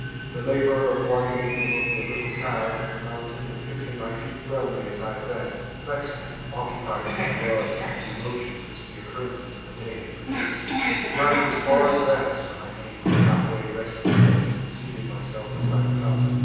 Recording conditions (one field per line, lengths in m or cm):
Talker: one person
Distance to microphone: 7.1 m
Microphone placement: far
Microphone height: 1.7 m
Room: very reverberant, large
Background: television